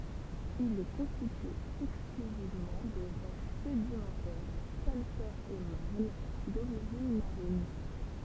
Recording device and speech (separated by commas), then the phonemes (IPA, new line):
temple vibration pickup, read sentence
il ɛ kɔ̃stitye ɛksklyzivmɑ̃ də ʁɔʃ sedimɑ̃tɛʁ kalkɛʁz e maʁn doʁiʒin maʁin